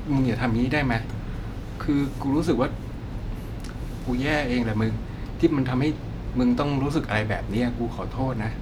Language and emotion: Thai, sad